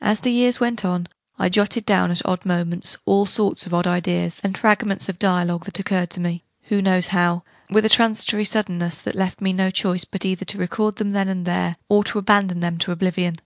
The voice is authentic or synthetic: authentic